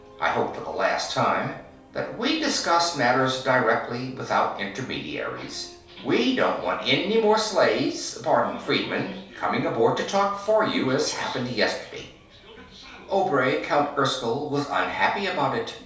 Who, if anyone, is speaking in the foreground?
One person.